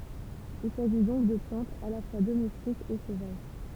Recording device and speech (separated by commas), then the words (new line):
temple vibration pickup, read sentence
Il s'agit donc de plantes à la fois domestiques et sauvages.